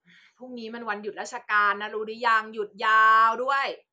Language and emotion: Thai, frustrated